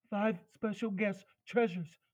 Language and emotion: English, fearful